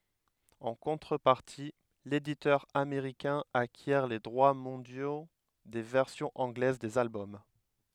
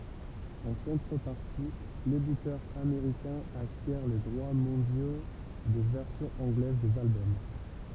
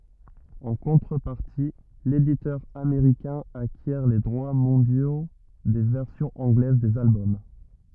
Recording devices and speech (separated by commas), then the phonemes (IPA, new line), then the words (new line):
headset microphone, temple vibration pickup, rigid in-ear microphone, read sentence
ɑ̃ kɔ̃tʁəpaʁti leditœʁ ameʁikɛ̃ akjɛʁ le dʁwa mɔ̃djo de vɛʁsjɔ̃z ɑ̃ɡlɛz dez albɔm
En contrepartie, l'éditeur américain acquiert les droits mondiaux des versions anglaises des albums.